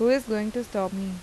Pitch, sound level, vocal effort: 215 Hz, 87 dB SPL, normal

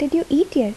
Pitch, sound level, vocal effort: 300 Hz, 75 dB SPL, soft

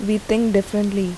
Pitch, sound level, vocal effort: 205 Hz, 78 dB SPL, normal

